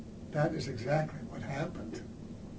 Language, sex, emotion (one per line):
English
male
sad